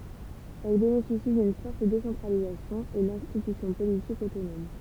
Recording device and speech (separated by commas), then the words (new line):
temple vibration pickup, read sentence
Elles bénéficient d'une forte décentralisation et d'institutions politiques autonomes.